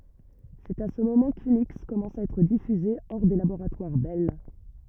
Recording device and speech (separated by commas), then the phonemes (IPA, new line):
rigid in-ear microphone, read sentence
sɛt a sə momɑ̃ kyniks kɔmɑ̃sa a ɛtʁ difyze ɔʁ de laboʁatwaʁ bɛl